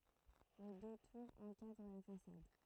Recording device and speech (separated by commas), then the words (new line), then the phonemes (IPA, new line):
throat microphone, read sentence
Les deux tours encadrent la façade.
le dø tuʁz ɑ̃kadʁ la fasad